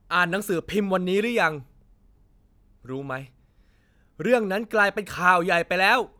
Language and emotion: Thai, angry